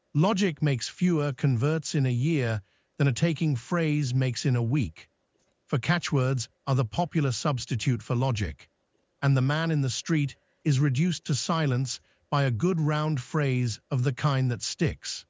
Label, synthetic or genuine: synthetic